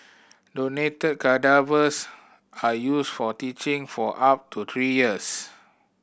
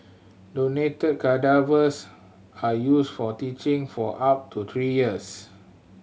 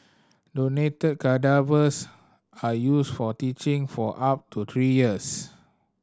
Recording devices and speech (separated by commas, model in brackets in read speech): boundary microphone (BM630), mobile phone (Samsung C7100), standing microphone (AKG C214), read sentence